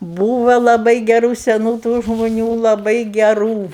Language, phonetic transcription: Lithuanian, ˈbūva laˈbai geˈrų seˈnų tų žmuˈnių laˈbai geˈrų

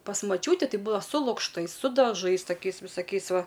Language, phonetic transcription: Lithuanian, pas maˈčiūtį ˈtai ˈbūdava su lukšˈtais su daˈžais taˈkiais visaˈkiais ˈva

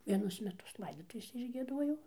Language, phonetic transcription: Lithuanian, vieˈnus meˈtus ˈlaidotuvėse išgieˈduojau

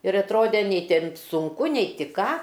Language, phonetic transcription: Lithuanian, ir atˈrode ˈnei ˈten sunˈku nei ti ˈką

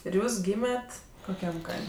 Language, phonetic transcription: Lithuanian, ir ˈjūs ˈgymet' koˈkiam ˈkaim'

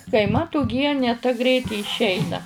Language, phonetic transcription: Lithuanian, kai ˈmat uˈgienė ta ˈgreit i išˈeina

